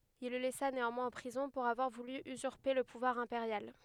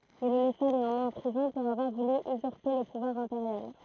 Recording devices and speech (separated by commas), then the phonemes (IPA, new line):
headset microphone, throat microphone, read sentence
il lə lɛsa neɑ̃mwɛ̃z ɑ̃ pʁizɔ̃ puʁ avwaʁ vuly yzyʁpe lə puvwaʁ ɛ̃peʁjal